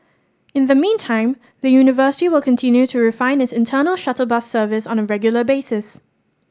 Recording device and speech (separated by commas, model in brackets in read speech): standing microphone (AKG C214), read sentence